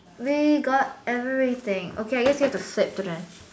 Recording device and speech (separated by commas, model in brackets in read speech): standing microphone, conversation in separate rooms